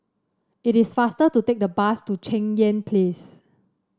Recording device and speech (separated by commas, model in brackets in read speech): standing microphone (AKG C214), read sentence